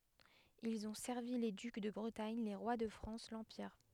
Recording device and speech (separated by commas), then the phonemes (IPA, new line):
headset microphone, read sentence
ilz ɔ̃ sɛʁvi le dyk də bʁətaɲ le ʁwa də fʁɑ̃s lɑ̃piʁ